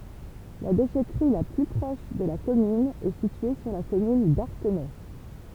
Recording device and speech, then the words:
temple vibration pickup, read sentence
La déchèterie la plus proche de la commune est située sur la commune d'Artenay.

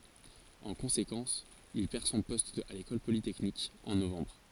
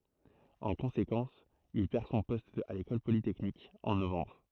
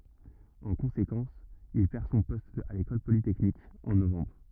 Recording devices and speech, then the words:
forehead accelerometer, throat microphone, rigid in-ear microphone, read sentence
En conséquence, il perd son poste à l’École polytechnique en novembre.

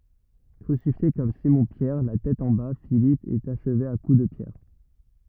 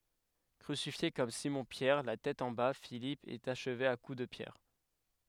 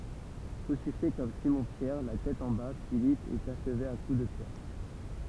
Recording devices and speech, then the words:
rigid in-ear microphone, headset microphone, temple vibration pickup, read sentence
Crucifié, comme Simon-Pierre, la tête en bas, Philippe est achevé à coups de pierres.

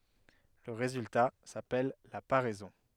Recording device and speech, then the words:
headset microphone, read sentence
Le résultat s'appelle la paraison.

